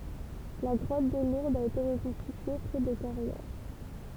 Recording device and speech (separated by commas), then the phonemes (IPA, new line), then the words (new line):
temple vibration pickup, read sentence
la ɡʁɔt də luʁdz a ete ʁəkɔ̃stitye pʁɛ de kaʁjɛʁ
La grotte de Lourdes a été reconstituée près des Carrières.